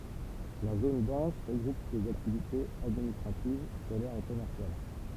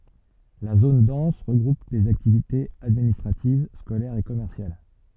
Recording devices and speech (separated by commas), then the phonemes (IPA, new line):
temple vibration pickup, soft in-ear microphone, read sentence
la zon dɑ̃s ʁəɡʁup lez aktivitez administʁativ skolɛʁz e kɔmɛʁsjal